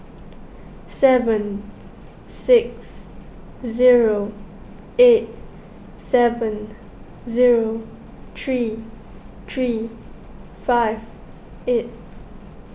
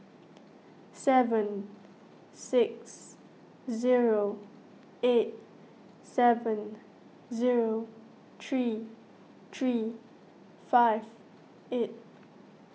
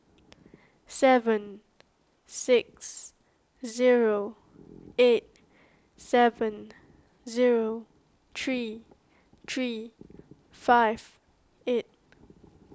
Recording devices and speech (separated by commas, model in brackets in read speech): boundary microphone (BM630), mobile phone (iPhone 6), close-talking microphone (WH20), read sentence